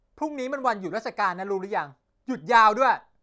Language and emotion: Thai, angry